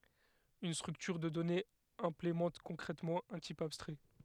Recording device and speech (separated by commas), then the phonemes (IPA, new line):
headset microphone, read sentence
yn stʁyktyʁ də dɔnez ɛ̃plemɑ̃t kɔ̃kʁɛtmɑ̃ œ̃ tip abstʁɛ